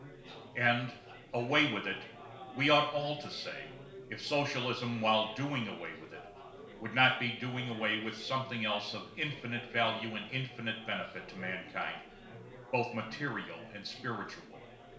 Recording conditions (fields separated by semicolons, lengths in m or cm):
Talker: one person; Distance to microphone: 1.0 m; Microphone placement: close; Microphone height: 1.1 m; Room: small (3.7 m by 2.7 m); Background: babble